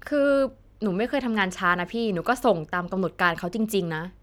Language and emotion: Thai, frustrated